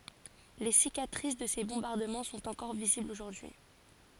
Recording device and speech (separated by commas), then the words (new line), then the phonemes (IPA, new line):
forehead accelerometer, read sentence
Les cicatrices de ces bombardements sont encore visibles aujourd'hui.
le sikatʁis də se bɔ̃baʁdəmɑ̃ sɔ̃t ɑ̃kɔʁ viziblz oʒuʁdyi